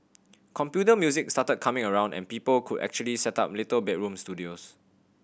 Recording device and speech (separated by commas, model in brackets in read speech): boundary microphone (BM630), read sentence